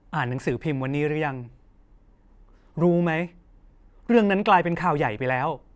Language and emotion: Thai, frustrated